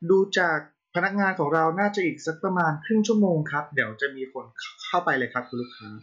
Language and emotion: Thai, neutral